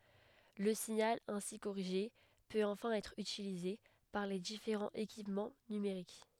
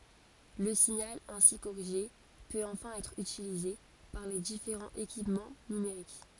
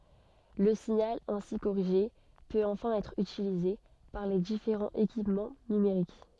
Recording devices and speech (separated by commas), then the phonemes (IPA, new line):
headset microphone, forehead accelerometer, soft in-ear microphone, read sentence
lə siɲal ɛ̃si koʁiʒe pøt ɑ̃fɛ̃ ɛtʁ ytilize paʁ le difeʁɑ̃z ekipmɑ̃ nymeʁik